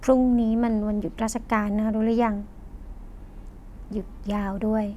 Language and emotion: Thai, sad